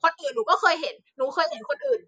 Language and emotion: Thai, angry